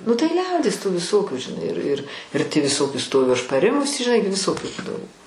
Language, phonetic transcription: Lithuanian, nu tai ˈliaudies tų viˈsokių žiˈnai ir ir ir tį viˈsoki ˈstoviu aš paˈrimus žiˈnai gi viˈsokių ˈbūdavo

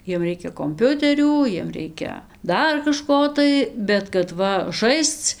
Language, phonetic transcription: Lithuanian, ˈjiem ˈreikia komˈpiuterių ˈjiem ˈreikia ˈdar kaˈžko tai bet kad ˈva ˈžaisc

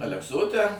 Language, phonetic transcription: Lithuanian, alekˈsote

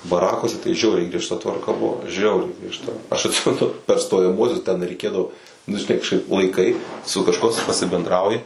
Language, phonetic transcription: Lithuanian, baˈrakuose tai ˈžiauriai griežˈta tvarˈka ˈbuvo ˈžiauriai griežˈta aš atˈsimenu per stojaˈmuosius ten reiˈkėdavo nu žiˈnai kažˈkaip laiˈkai su kažˈkuo s pasibendˈrauji

